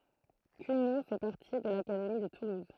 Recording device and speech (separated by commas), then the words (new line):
throat microphone, read sentence
Cugnaux fait partie de l'académie de Toulouse.